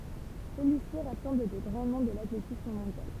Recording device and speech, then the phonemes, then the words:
temple vibration pickup, read sentence
səlyisi ʁasɑ̃bl de ɡʁɑ̃ nɔ̃ də latletism mɔ̃djal
Celui-ci rassemble des grands noms de l'athlétisme mondial.

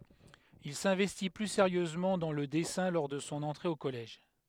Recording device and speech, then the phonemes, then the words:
headset microphone, read sentence
il sɛ̃vɛsti ply seʁjøzmɑ̃ dɑ̃ lə dɛsɛ̃ lɔʁ də sɔ̃ ɑ̃tʁe o kɔlɛʒ
Il s'investit plus sérieusement dans le dessin lors de son entrée au collège.

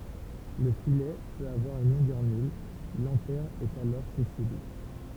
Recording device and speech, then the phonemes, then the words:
temple vibration pickup, read sentence
lə filɛ pøt avwaʁ yn lɔ̃ɡœʁ nyl lɑ̃tɛʁ ɛt alɔʁ sɛsil
Le filet peut avoir une longueur nulle, l'anthère est alors sessile.

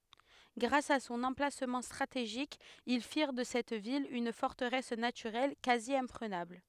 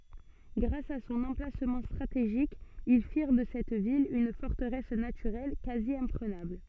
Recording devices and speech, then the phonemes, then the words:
headset microphone, soft in-ear microphone, read sentence
ɡʁas a sɔ̃n ɑ̃plasmɑ̃ stʁateʒik il fiʁ də sɛt vil yn fɔʁtəʁɛs natyʁɛl kazjɛ̃pʁənabl
Grâce à son emplacement stratégique, ils firent de cette ville une forteresse naturelle quasi-imprenable.

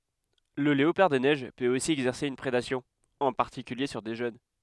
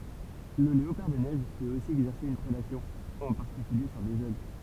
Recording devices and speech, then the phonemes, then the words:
headset microphone, temple vibration pickup, read sentence
lə leopaʁ de nɛʒ pøt osi ɛɡzɛʁse yn pʁedasjɔ̃ ɑ̃ paʁtikylje syʁ de ʒøn
Le léopard des neiges peut aussi exercer une prédation, en particulier sur des jeunes.

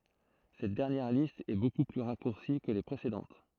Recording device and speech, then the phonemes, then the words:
throat microphone, read sentence
sɛt dɛʁnjɛʁ list ɛ boku ply ʁakuʁsi kə le pʁesedɑ̃t
Cette dernière liste est beaucoup plus raccourcie que les précédentes.

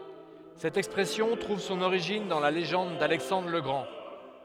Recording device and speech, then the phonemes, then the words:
headset microphone, read sentence
sɛt ɛkspʁɛsjɔ̃ tʁuv sɔ̃n oʁiʒin dɑ̃ la leʒɑ̃d dalɛksɑ̃dʁ lə ɡʁɑ̃
Cette expression trouve son origine dans la légende d’Alexandre le Grand.

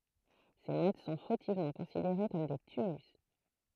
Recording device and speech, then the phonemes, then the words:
throat microphone, read sentence
se mɔt sɔ̃ fotivmɑ̃ kɔ̃sideʁe kɔm de tymylys
Ces mottes sont fautivement considérées comme des tumulus.

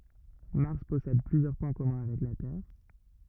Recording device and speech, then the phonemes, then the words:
rigid in-ear microphone, read sentence
maʁs pɔsɛd plyzjœʁ pwɛ̃ kɔmœ̃ avɛk la tɛʁ
Mars possède plusieurs points communs avec la Terre.

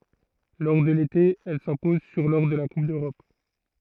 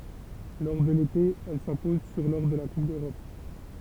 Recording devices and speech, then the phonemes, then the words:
throat microphone, temple vibration pickup, read sentence
lɔʁ də lete ɛl sɛ̃pɔz syʁ lɔʁ də la kup døʁɔp
Lors de l'été, elle s'impose sur lors de la Coupe d'Europe.

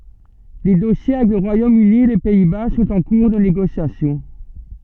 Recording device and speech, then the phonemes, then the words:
soft in-ear microphone, read sentence
de dɔsje avɛk lə ʁwajom yni e le pɛi ba sɔ̃t ɑ̃ kuʁ də neɡosjasjɔ̃
Des dossiers avec le Royaume-Uni et les Pays-Bas sont en cours de négociation.

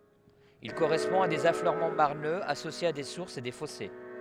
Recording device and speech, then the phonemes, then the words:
headset microphone, read sentence
il koʁɛspɔ̃ a dez afløʁmɑ̃ maʁnøz asosjez a de suʁsz e de fɔse
Il correspond à des affleurements marneux associés à des sources et des fossés.

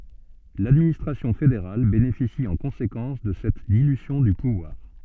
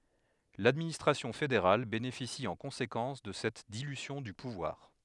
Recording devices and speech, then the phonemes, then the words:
soft in-ear microphone, headset microphone, read sentence
ladministʁasjɔ̃ fedeʁal benefisi ɑ̃ kɔ̃sekɑ̃s də sɛt dilysjɔ̃ dy puvwaʁ
L'administration fédérale bénéficie en conséquence de cette dilution du pouvoir.

